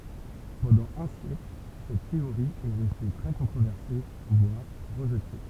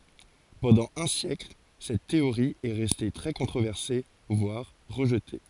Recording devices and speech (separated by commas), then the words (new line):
temple vibration pickup, forehead accelerometer, read sentence
Pendant un siècle, cette théorie est restée très controversée, voire rejetée.